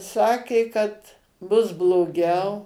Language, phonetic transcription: Lithuanian, ˈsakė kad ˈbus bloˈgiau

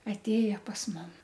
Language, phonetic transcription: Lithuanian, atˈėja pas ˈmum

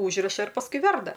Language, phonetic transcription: Lithuanian, ˈūžriša ir pasˈkui ˈverda

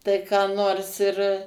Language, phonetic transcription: Lithuanian, ˈtai ką ˈnors ir

